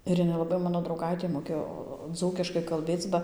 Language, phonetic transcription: Lithuanian, ir ˈjinai laˈbai ˈmano drauˈgaitė moˈkėjo ˈdzūkiškai kalˈbėc ba

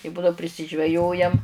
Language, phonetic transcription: Lithuanian, i ˈbudau prisižveˈjojam

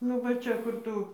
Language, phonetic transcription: Lithuanian, nu ˈva ˈčia ˈkur tu

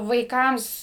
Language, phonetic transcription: Lithuanian, vaiˈkams

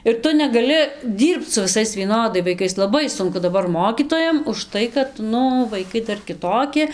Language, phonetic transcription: Lithuanian, ir ˈtu negaˈli ˈdyrbc su viˈsais vieˈnodai vaiˈkais laˈbai ˈsunku daˈbar ˈmokytojam užˈtai kad ˈnu vaiˈkai ˈdar kiˈtoki

